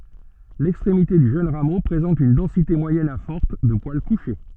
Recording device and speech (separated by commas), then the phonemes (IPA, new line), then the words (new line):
soft in-ear microphone, read sentence
lɛkstʁemite dy ʒøn ʁamo pʁezɑ̃t yn dɑ̃site mwajɛn a fɔʁt də pwal kuʃe
L'extrémité du jeune rameau présente une densité moyenne à forte de poils couchés.